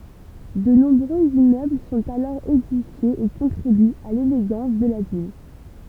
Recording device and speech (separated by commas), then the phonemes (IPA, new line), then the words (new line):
temple vibration pickup, read sentence
də nɔ̃bʁøz immøbl sɔ̃t alɔʁ edifjez e kɔ̃tʁibyt a leleɡɑ̃s də la vil
De nombreux immeubles sont alors édifiés et contribuent à l'élégance de la ville.